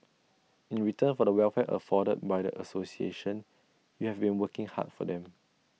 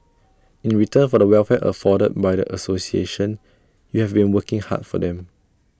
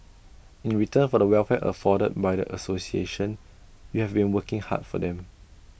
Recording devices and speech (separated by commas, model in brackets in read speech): mobile phone (iPhone 6), standing microphone (AKG C214), boundary microphone (BM630), read sentence